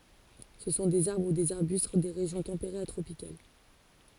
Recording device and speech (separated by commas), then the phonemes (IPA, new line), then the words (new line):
forehead accelerometer, read sentence
sə sɔ̃ dez aʁbʁ u dez aʁbyst de ʁeʒjɔ̃ tɑ̃peʁez a tʁopikal
Ce sont des arbres ou des arbustes des régions tempérées à tropicales.